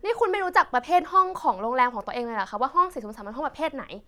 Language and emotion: Thai, angry